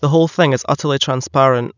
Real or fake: real